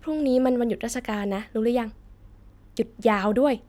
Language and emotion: Thai, happy